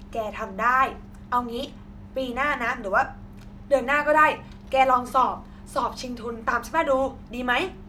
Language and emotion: Thai, happy